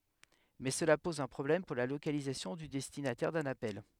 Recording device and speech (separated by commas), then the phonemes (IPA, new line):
headset microphone, read sentence
mɛ səla pɔz œ̃ pʁɔblɛm puʁ la lokalizasjɔ̃ dy dɛstinatɛʁ dœ̃n apɛl